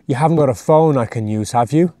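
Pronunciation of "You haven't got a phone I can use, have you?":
This is a real question asking a favor, and it is said with a rising intonation.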